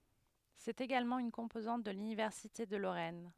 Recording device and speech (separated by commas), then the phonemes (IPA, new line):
headset microphone, read sentence
sɛt eɡalmɑ̃ yn kɔ̃pozɑ̃t də lynivɛʁsite də loʁɛn